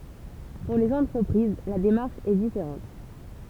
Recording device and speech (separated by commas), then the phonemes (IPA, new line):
temple vibration pickup, read sentence
puʁ lez ɑ̃tʁəpʁiz la demaʁʃ ɛ difeʁɑ̃t